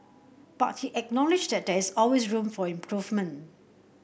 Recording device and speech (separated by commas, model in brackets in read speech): boundary microphone (BM630), read sentence